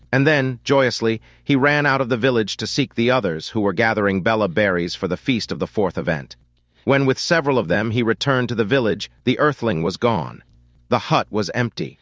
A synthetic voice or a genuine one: synthetic